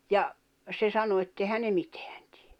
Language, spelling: Finnish, ja se sanoi että eihän ne mitään tee
- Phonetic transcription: ja , se 'sano etteihän ne 'mitᴇᴀ̈ɴ tɪᴇ .

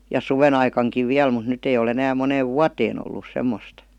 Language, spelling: Finnish, ja suvenaikaankin vielä mutta nyt ei ole enää moneen vuoteen ollut semmoista
- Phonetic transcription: ja ''suven‿aikaŋkiv 'viäl mut 'nyt ‿ei ol ‿enääm 'moneev "vuateen ‿ollus 'semmost .

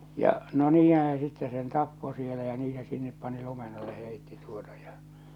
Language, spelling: Finnish, ja no niinhän se sitten sen tappoi siellä ja niin se sinne pani lumen alle heitti tuota ja
- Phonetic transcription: ja , no 'niihää̰ se sitte sen 'tappo sielä ja 'nii se sinnep pani 'lumen ‿alle 'hèitti tuota ᴊᴀ .

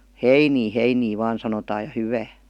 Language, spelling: Finnish, heiniä heiniä vain sanotaan ja hyvää
- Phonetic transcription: heinii » "heinii vaan « sanotaa ja » 'hyvää « .

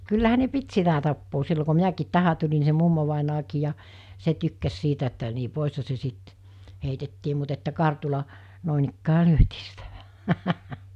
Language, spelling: Finnish, kyllähän ne piti sitä tapaa silloin kun minäkin tähän tulin niin se mummovainajakin ja se tykkäsi sitä että niin poishan se sitten heitettiin mutta että kartulla noinikään lyötiin sitä vähän
- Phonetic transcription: kyllähä ne 'pit sitä tappoo sillo ku 'minäkiit 'tänä tuĺi ni se 'mummovàinaakii ja , 'se tykkäs 'sitä että ni , 'pòisha se 'sit , heitettii mut että 'kartula , 'nòinikkää "lyötii sitä vä(ɦä) , .

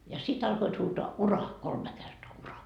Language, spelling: Finnish, ja sitten alkoivat huutaa uraa kolme kertaa uraa
- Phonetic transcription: ja 'sit alkoit huutoa » "uraa » , 'kolme kertoa » 'uraa » .

